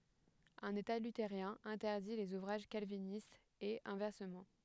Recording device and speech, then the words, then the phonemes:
headset microphone, read sentence
Un état luthérien interdit les ouvrages calvinistes et inversement.
œ̃n eta lyteʁjɛ̃ ɛ̃tɛʁdi lez uvʁaʒ kalvinistz e ɛ̃vɛʁsəmɑ̃

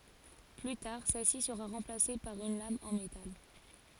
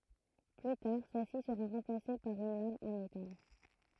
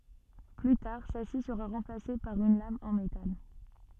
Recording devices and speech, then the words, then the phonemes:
forehead accelerometer, throat microphone, soft in-ear microphone, read sentence
Plus tard, celle-ci sera remplacée par une lame en métal.
ply taʁ sɛlsi səʁa ʁɑ̃plase paʁ yn lam ɑ̃ metal

